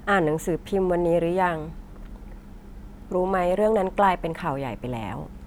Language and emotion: Thai, neutral